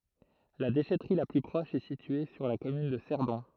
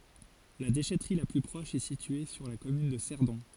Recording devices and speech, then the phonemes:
throat microphone, forehead accelerometer, read sentence
la deʃɛtʁi la ply pʁɔʃ ɛ sitye syʁ la kɔmyn də sɛʁdɔ̃

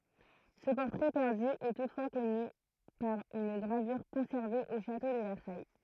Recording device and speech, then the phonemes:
throat microphone, read sentence
sə pɔʁtʁɛ pɛʁdy ɛ tutfwa kɔny paʁ yn ɡʁavyʁ kɔ̃sɛʁve o ʃato də vɛʁsaj

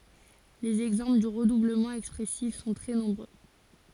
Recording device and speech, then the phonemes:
forehead accelerometer, read sentence
lez ɛɡzɑ̃pl dy ʁədubləmɑ̃ ɛkspʁɛsif sɔ̃ tʁɛ nɔ̃bʁø

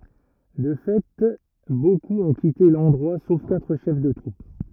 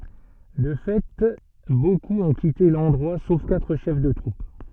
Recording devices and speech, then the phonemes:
rigid in-ear microphone, soft in-ear microphone, read sentence
də fɛ bokup ɔ̃ kite lɑ̃dʁwa sof katʁ ʃɛf də tʁup

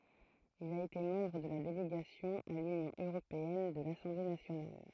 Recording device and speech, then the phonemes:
throat microphone, read sentence
il a ete mɑ̃bʁ də la deleɡasjɔ̃ a lynjɔ̃ øʁopeɛn də lasɑ̃ble nasjonal

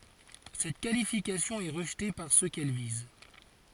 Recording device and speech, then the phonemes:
forehead accelerometer, read sentence
sɛt kalifikasjɔ̃ ɛ ʁəʒte paʁ sø kɛl viz

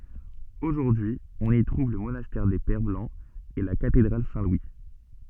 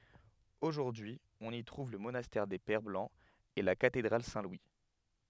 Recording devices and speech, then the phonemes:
soft in-ear microphone, headset microphone, read sentence
oʒuʁdyi ɔ̃n i tʁuv lə monastɛʁ de pɛʁ blɑ̃z e la katedʁal sɛ̃ lwi

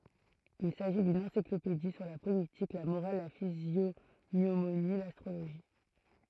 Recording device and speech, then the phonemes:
throat microphone, read sentence
il saʒi dyn ɑ̃siklopedi syʁ la politik la moʁal la fizjoɲomoni lastʁoloʒi

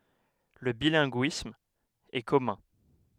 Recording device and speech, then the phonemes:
headset microphone, read sentence
lə bilɛ̃ɡyism ɛ kɔmœ̃

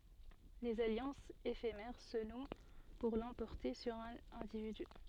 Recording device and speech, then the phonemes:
soft in-ear microphone, read sentence
dez aljɑ̃sz efemɛʁ sə nw puʁ lɑ̃pɔʁte syʁ œ̃n ɛ̃dividy

